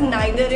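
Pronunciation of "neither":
'Neither' is pronounced in the British way here.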